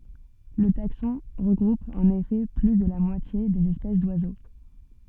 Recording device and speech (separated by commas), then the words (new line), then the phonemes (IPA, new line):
soft in-ear microphone, read sentence
Le taxon regroupe en effet plus de la moitié des espèces d'oiseaux.
lə taksɔ̃ ʁəɡʁup ɑ̃n efɛ ply də la mwatje dez ɛspɛs dwazo